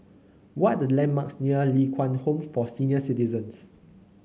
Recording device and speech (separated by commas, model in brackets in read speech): mobile phone (Samsung C9), read sentence